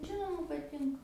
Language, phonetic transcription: Lithuanian, ˈžinoma paˈtinka

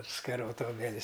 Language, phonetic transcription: Lithuanian, skaˈrota obeˈlis

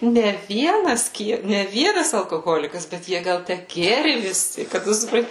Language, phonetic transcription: Lithuanian, ne ˈvienas ˈkie ne ˈvienas alkoˈholikas bet ˈjie ˈgal ˈtæ ˈgėri viˈsi kad ˈtu supˈranti

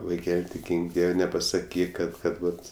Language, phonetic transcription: Lithuanian, vaiˈkel' tik ˈgynk ˈdiev' nepasaˈkyk ˈkad ˈkad ˈvat

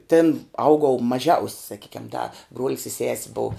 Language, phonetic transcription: Lithuanian, ˈtin ˈaugau maˈžiaus' saˈkykiam da bruol's i ses' buu

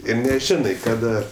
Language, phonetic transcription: Lithuanian, ˈir neˈžinai ˈkada

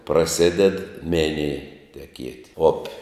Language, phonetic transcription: Lithuanian, praˈsided ˈminij teˈkiet' ˈopi

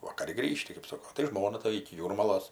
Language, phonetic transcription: Lithuanian, vakaˈri ˈgrįžti kɜp ˈsoko tai ˈžmona ta iki ˈjūrmalos

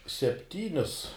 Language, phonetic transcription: Lithuanian, sepˈtynius

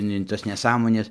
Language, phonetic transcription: Lithuanian, ne in ˈtas neˈsąmones

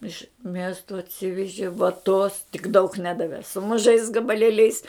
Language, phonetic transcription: Lithuanian, iš ˈmiesto atˈsiveži vaˈtos tik daug ˈnedave su muˈžais gabaˈlėliais

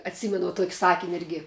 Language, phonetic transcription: Lithuanian, atˈsymenu tuok' ˈsakin' ˈirgi

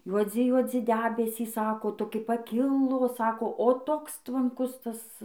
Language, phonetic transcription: Lithuanian, juoˈdzi juoˈdzi ˈdebesys ˈsako toˈki paˈkilo ˈsako o ˈtoks tvanˈkus ˈtas

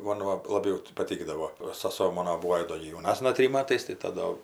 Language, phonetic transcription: Lithuanian, ˈmon va laˈbiau ti paˈtikdavo o saˈso ˈmono ˈbūo ji ˈdo gi jauˈnasna ˈtrim ˈmatais tai ˈta do

